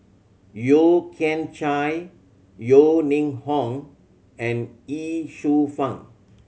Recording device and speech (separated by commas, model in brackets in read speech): mobile phone (Samsung C7100), read sentence